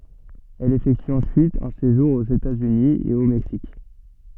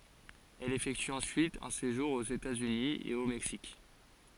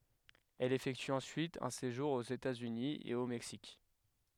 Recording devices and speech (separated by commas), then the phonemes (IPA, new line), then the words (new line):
soft in-ear microphone, forehead accelerometer, headset microphone, read sentence
ɛl efɛkty ɑ̃syit œ̃ seʒuʁ oz etatsyni e o mɛksik
Elle effectue ensuite un séjour aux États-Unis et au Mexique.